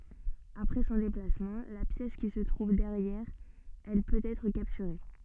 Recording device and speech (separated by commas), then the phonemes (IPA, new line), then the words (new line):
soft in-ear microphone, read sentence
apʁɛ sɔ̃ deplasmɑ̃ la pjɛs ki sə tʁuv dɛʁjɛʁ ɛl pøt ɛtʁ kaptyʁe
Après son déplacement, la pièce qui se trouve derrière elle peut être capturée.